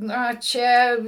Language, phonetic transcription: Lithuanian, ˈna ˈčia

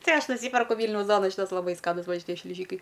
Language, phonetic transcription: Lithuanian, ˈtai ˈaš nuˈsyperku ˈvylniaus ˈduona ˈšytas laˈbai ˈskanus ˈva šiˈtie šliˈžykai

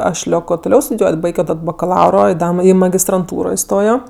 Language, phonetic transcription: Lithuanian, ˈaš ˈlioko tuˈliau studiˈjuot' ˈbaigio ˈtad bakaˈlauro i ˈda i magistranˈtūro iˈstojo

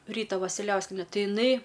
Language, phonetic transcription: Lithuanian, ˈryta vasiˈliauskiene ˈti iˈnai

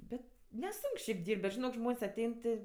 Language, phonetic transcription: Lithuanian, ˈbet neˈsunk šiaip ˈdyrb't' bet žiˈnok ˈžmon's' aˈtein ti

